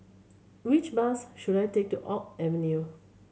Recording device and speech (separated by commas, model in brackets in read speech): mobile phone (Samsung C7100), read sentence